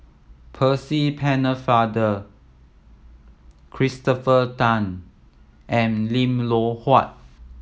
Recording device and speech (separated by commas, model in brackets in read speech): mobile phone (iPhone 7), read sentence